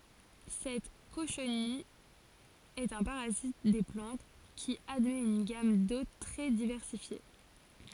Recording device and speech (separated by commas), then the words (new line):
forehead accelerometer, read sentence
Cette cochenille est un parasite des plantes qui admet une gamme d'hôtes très diversifiée.